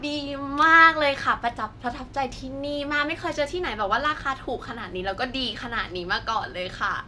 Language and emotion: Thai, happy